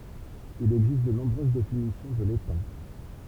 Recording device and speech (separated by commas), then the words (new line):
temple vibration pickup, read sentence
Il existe de nombreuses définitions de l’étang.